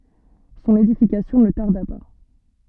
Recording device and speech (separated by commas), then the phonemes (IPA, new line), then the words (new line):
soft in-ear microphone, read sentence
sɔ̃n edifikasjɔ̃ nə taʁda pa
Son édification ne tarda pas.